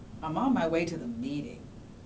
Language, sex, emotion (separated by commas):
English, female, neutral